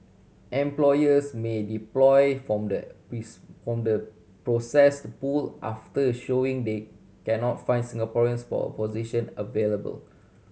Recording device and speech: mobile phone (Samsung C7100), read sentence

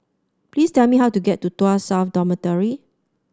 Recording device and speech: standing microphone (AKG C214), read sentence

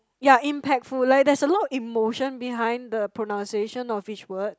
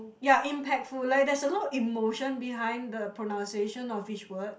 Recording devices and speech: close-talking microphone, boundary microphone, conversation in the same room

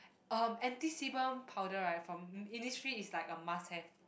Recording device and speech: boundary microphone, conversation in the same room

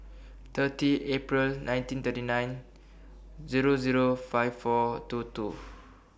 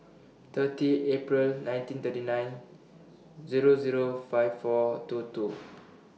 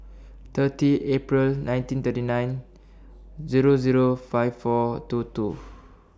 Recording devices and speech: boundary microphone (BM630), mobile phone (iPhone 6), standing microphone (AKG C214), read sentence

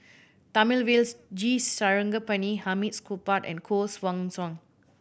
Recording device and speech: boundary microphone (BM630), read sentence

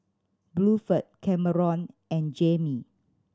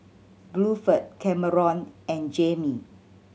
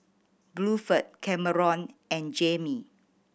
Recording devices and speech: standing microphone (AKG C214), mobile phone (Samsung C7100), boundary microphone (BM630), read sentence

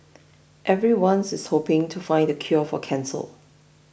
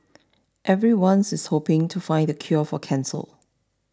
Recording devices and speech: boundary microphone (BM630), standing microphone (AKG C214), read sentence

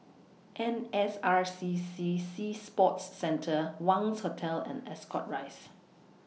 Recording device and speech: mobile phone (iPhone 6), read sentence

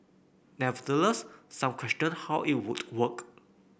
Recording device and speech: boundary microphone (BM630), read sentence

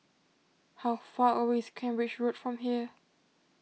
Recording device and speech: mobile phone (iPhone 6), read sentence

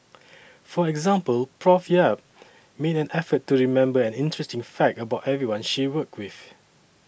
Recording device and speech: boundary microphone (BM630), read sentence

